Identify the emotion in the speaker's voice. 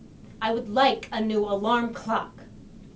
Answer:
angry